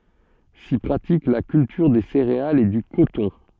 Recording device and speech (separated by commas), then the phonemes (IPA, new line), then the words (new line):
soft in-ear microphone, read sentence
si pʁatik la kyltyʁ de seʁealz e dy kotɔ̃
S'y pratique la culture des céréales et du coton.